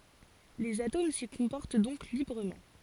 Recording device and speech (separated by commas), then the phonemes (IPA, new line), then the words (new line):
forehead accelerometer, read sentence
lez atom si kɔ̃pɔʁt dɔ̃k libʁəmɑ̃
Les atomes s'y comportent donc librement.